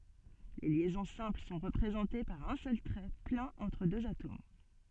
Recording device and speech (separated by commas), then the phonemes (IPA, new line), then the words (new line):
soft in-ear microphone, read sentence
le ljɛzɔ̃ sɛ̃pl sɔ̃ ʁəpʁezɑ̃te paʁ œ̃ sœl tʁɛ plɛ̃n ɑ̃tʁ døz atom
Les liaisons simples sont représentées par un seul trait plein entre deux atomes.